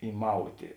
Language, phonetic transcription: Lithuanian, įˈmautė

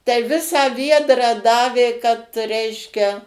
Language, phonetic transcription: Lithuanian, tai ˈvisą ˈviedrą ˈdavė kad ˈreiškia

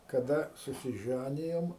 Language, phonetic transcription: Lithuanian, kaˈda susiˈžænijom

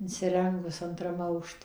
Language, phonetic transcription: Lithuanian, insiˈrengus anˈtram ˈaukšte

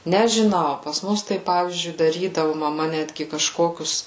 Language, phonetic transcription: Lithuanian, nežiˈnau pas ˈmus ˈtai ˈpavyzdžiui daˈrydavu maˈma ˈnetgi kažˈkokius

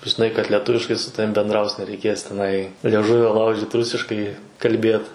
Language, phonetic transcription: Lithuanian, žiˈnai kad leˈtuviškai su ˈtavim bendˈraus nereiˈkės teˈnai lieˈžuvio ˈlaužit ˈrusiškai kalˈbėt

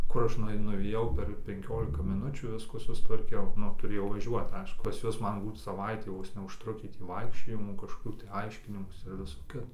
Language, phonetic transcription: Lithuanian, ˈkur ˈaš nuaiˈnu nuvėˈjau per penˈkiolika miˈnučių ˈviskų sustvarˈkiau ˈnu tuˈrėjau vaˈžiuot ˈaišku pas ˈjuos ˈman ˈbūt saˈvaitį ˈvos neužˈtrukį tį ˈvaikščiojimų kažkoˈkių tai ˈaiškinimųsi ir ˈviso ˈkito

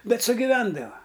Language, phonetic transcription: Lithuanian, ˈbet sugiˈvendava

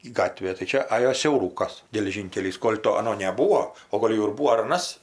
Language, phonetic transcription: Lithuanian, ˈgatvė tai ˈčia ˈajo siauˈrūkas geleˈžynkelys ˈkol' to aˈno neˈbūo o ˈgol' jau ir ˈbūo ar aˈnas

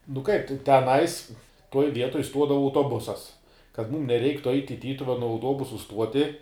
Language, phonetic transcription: Lithuanian, nu kaip te teˈnais tuoj ˈvietoj ˈstuodava autoˈbusas kad ˈmūm neˈreiktu ait' i ˈtytuvenu auˈtuobusu ˈstuoti

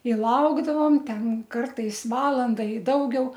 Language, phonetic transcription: Lithuanian, i ˈlaukdavom ˈten ˈkartais ˈvalanda i ˈdaugiau

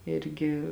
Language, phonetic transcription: Lithuanian, ˈirgi

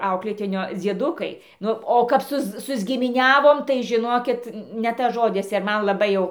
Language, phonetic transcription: Lithuanian, ˈauklėtinio dzieˈdukai ˈnu o kap ˈsuz susgimiˈniavom tai žiˈnokit ne ˈtas ˈžodis ir ˈman laˈbai jau

